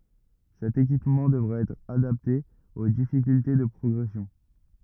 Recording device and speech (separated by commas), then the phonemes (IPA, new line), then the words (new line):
rigid in-ear microphone, read sentence
sɛt ekipmɑ̃ dəvʁa ɛtʁ adapte o difikylte də pʁɔɡʁɛsjɔ̃
Cet équipement devra être adapté aux difficultés de progression.